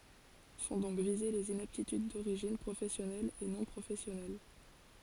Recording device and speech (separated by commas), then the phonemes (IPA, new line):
forehead accelerometer, read sentence
sɔ̃ dɔ̃k vize lez inaptityd doʁiʒin pʁofɛsjɔnɛl e nɔ̃ pʁofɛsjɔnɛl